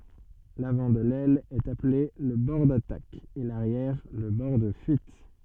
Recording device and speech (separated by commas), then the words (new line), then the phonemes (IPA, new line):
soft in-ear microphone, read sentence
L'avant de l'aile est appelé le bord d'attaque et l'arrière le bord de fuite.
lavɑ̃ də lɛl ɛt aple lə bɔʁ datak e laʁjɛʁ lə bɔʁ də fyit